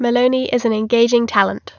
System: none